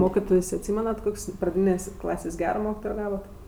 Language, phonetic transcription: Lithuanian, ˈmokitojs' atˈsymenat ˈkok's' praˈdynės' ˈklasės' ˈgero ˈmokitojo ˈgavot

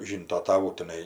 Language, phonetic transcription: Lithuanian, ˈžynto taˈvų tiˈnai

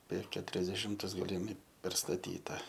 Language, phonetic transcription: Lithuanian, per keturiasdeˈšimtus galiˈmi perstaˈtyta

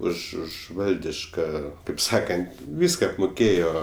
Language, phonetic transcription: Lithuanian, ˈuž ˈuž ˈvaldiška kaip ˈsakant ˈvyska apmuˈkėjo

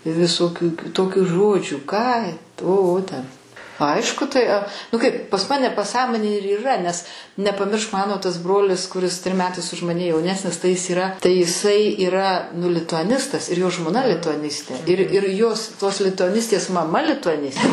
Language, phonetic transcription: Lithuanian, visoˈkių kiˈtokių ˈžodžių ką o ˈo ten ˈaišku tai a ˈnu ˈkaip pas ˈmane paˈsąmonėj ir yˈra nes nepaˈmiršk ˈmano tas ˈbrolis kuˈris trim ˈmetais už ˈmane jauˈnesnis tai ˈjis yˈra tai jiˈsai yˈra nu lituaˈnistas ir jo žmoˈna lituaˈnistė ir ir jos tos lituaˈnistės maˈma lituaˈnis

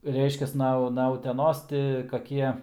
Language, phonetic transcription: Lithuanian, ˈreiškias ˈna na uteˈnos ˈti kaˈkie

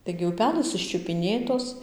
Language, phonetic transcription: Lithuanian, taigi uˈpelɘs iščiupiˈnėtos

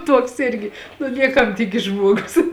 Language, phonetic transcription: Lithuanian, ˈtuoks ˈirgi nu ˈniekam ˈtikis ˈžmuogus

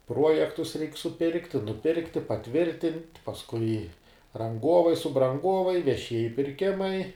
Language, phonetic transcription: Lithuanian, ˈpruojektus ˈreik' suˈpirkti nuˈpirkti paˈtvirtint' pasˈkui ranˈgovai subranˈgovai veˈšieji pirˈkimai

